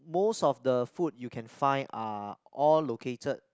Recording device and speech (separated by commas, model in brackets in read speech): close-talking microphone, conversation in the same room